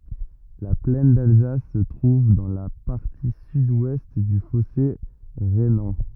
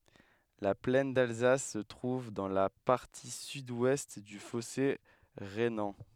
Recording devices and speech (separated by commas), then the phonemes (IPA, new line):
rigid in-ear microphone, headset microphone, read sentence
la plɛn dalzas sə tʁuv dɑ̃ la paʁti sydwɛst dy fɔse ʁenɑ̃